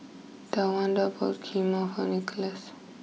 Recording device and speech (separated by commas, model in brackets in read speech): mobile phone (iPhone 6), read sentence